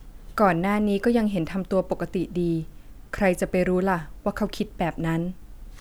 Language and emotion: Thai, neutral